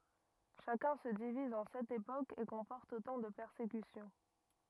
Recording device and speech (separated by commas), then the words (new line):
rigid in-ear microphone, read sentence
Chacun se divise en sept époques et comporte autant de persécutions.